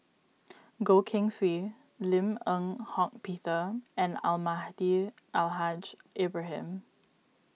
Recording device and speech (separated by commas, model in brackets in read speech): mobile phone (iPhone 6), read sentence